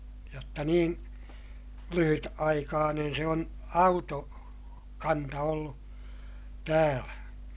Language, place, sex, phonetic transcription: Finnish, Ilmajoki, male, jotta niin , lyhyt₍aikaanen se on , auto- , -kanta ollu , täälä .
- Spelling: jotta niin lyhytaikainen se on - autokanta ollut täällä

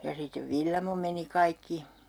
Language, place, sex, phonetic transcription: Finnish, Urjala, female, ja sit̆tev "Villamo meni 'kaikki .
- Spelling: ja sitten Villamo meni kaikki

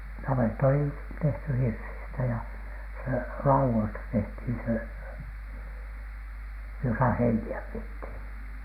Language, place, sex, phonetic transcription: Finnish, Alatornio, male, 'navetta oli , tehty "hirsistä jä , se "lauwoista tehthin 'se , josa "heini₍ä piethìn .
- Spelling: navetta oli tehty hirsistä ja se laudoista tehtiin se jossa heiniä pidettiin

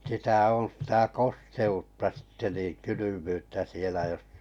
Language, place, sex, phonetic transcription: Finnish, Kalajoki, male, 'sitä oo̰ sⁱtä "koste₍utta sitte niin 'kylymyyttä sielä jos ,.
- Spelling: sitä on sitä kosteutta sitten niin kylmyyttä siellä jos

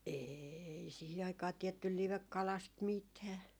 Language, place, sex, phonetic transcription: Finnish, Jaala, female, 'eei 'sihi aikaa 'tiɛttyl "livekkalast "mitää .
- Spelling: ei siihen aikaan tiedetty livekalasta mitään

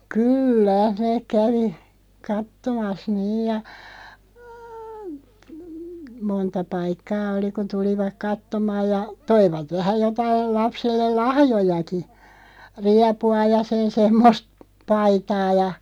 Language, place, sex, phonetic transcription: Finnish, Loppi, female, kyyllä , 'neeᵏ 'kävi , 'kattomas "niij ja , 'monta "paikkaa oli kun̬ 'tulivak "kattomaaj ja , "toivat 'vähä 'jotail 'lapsellel "lahjojaki , 'riapu₍a ja "sen 'semmost , 'paitaa ja ,.
- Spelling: kyllä ne kävi katsomassa niin ja monta paikkaa oli kun tulivat katsomaan ja toivat vähän jotakin lapselle lahjojakin riepua ja sen semmoista paitaa ja

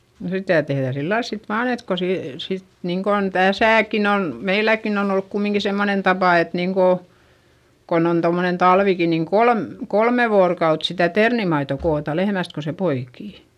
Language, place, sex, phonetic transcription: Finnish, Eurajoki, female, no sitä tehδä̀ sillails sit vaan ‿et ko se , sit , niiŋkon täsä̀kin ‿on , meiläkkin ‿on ‿olluk kumiŋki semmonen tapà et niiŋko , kon ‿on tomnen talviki niiŋ kolm , kolme voorokaut sitä ternimaito koota lehmäst ko se poikì .
- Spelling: no sitä tehdään sillä lailla sitten vain että kun se sitten niin kuin tässäkin on meilläkin on ollut kumminkin semmoinen tapa että niin kuin kun on tuommoinen talvikin niin kolme kolme vuorokautta sitä ternimaitoa kootaan lehmästä kun se poikii

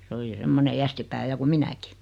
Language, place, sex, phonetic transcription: Finnish, Noormarkku, female, 'se oli "semmone 'jästipää 'ja ku "minäki .
- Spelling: se oli semmoinen jästipää ja kuin minäkin

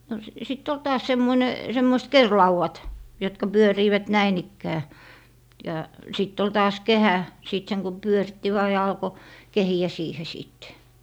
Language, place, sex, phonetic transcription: Finnish, Lappee, female, no si - sit't ‿ol 'taas 'semmoⁱne , 'semmoist "kerlauwat , jotka "pyöriivät "näin ‿ikkää , ja 'sitt ‿ol taas "kehä , 'sìt seŋ ku "pyöritti 'vaa ja 'alko , "kehi₍ä 'siihe 'sìt .
- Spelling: no - sitten oli taas semmoinen semmoiset kerinlaudat jotka pyörivät näin ikään ja sitten oli taas kehä sitten sen kun pyöritti vain ja alkoi kehiä siihen sitten

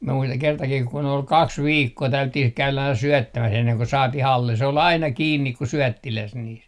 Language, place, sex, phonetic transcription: Finnish, Artjärvi, male, mie muistaŋ kertakih ku'n ‿ol "kaks "viikkoo 'täylyttih käylä aina 'syɔ̈̀ttämäs enneŋ ko 'saatih ‿alle , se ol 'aina 'kiinnik ku "syɔ̈̀ttiläs niis .
- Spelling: minä muistan kertakin kun oli kaksi viikkoa täydyttiin käydä aina syöttämässä ennen kuin saatiin alle se oli aina kiinni kuin syöttiläs niissä

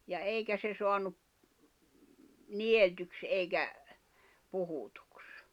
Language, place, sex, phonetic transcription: Finnish, Jämsä, female, ja 'eikä se soanup , 'nieltyks ’eikä , 'puhutᴜks .
- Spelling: ja eikä se saanut niellyksi eikä puhutuksi

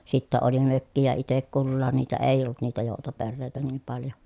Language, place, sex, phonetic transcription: Finnish, Pielisjärvi, female, sittä oli mökkijä itek kullaan niitä èi̮j ‿ollut niitä jòutoperrèi̮tä niim paljo .
- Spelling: sitten oli mökkejä itse kullakin niitä ei ollut niitä joutoperheitä niin paljon

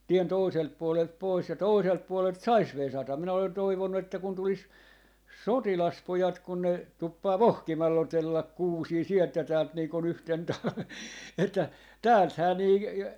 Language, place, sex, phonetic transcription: Finnish, Jaala, male, 'tien "tòiselt puolelt 'pois ja 'tòiselt puolelt "sais 'vesata , 'minä olen 'toivonnu että kun 'tulis , "sotilaspojat kun ne , 'tuppaa "vohkimal'l ‿otellak "kuusii 'sielt ja 'täält nii kon 'yhten 'talven että , "täälthää nii ,.
- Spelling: tien toiselta puolelta pois ja toiselta puolelta saisi vesata minä olen toivonut että kun tulisi sotilaspojat kun ne tuppaa vohkimalla otella kuusia sieltä ja täältä niin kuin yhtenä talvena että täältähän niin

